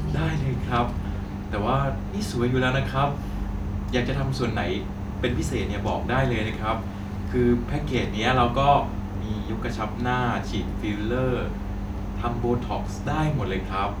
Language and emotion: Thai, neutral